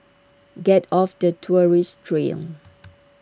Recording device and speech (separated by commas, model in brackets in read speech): standing microphone (AKG C214), read sentence